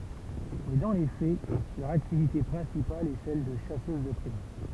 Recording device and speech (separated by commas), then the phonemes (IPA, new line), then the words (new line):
temple vibration pickup, read sentence
mɛ dɑ̃ le fɛ lœʁ aktivite pʁɛ̃sipal ɛ sɛl də ʃasøz də pʁim
Mais dans les faits, leur activité principale est celle de chasseuses de primes.